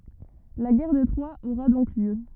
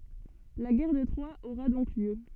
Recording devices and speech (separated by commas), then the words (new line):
rigid in-ear microphone, soft in-ear microphone, read sentence
La guerre de Troie aura donc lieu.